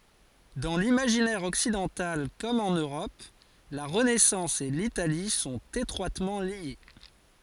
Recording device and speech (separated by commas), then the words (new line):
forehead accelerometer, read sentence
Dans l’imaginaire occidental comme en Europe, la Renaissance et l'Italie sont étroitement liées.